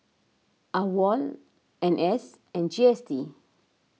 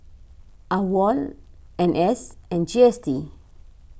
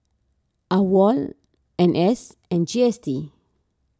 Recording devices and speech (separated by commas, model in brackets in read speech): mobile phone (iPhone 6), boundary microphone (BM630), standing microphone (AKG C214), read sentence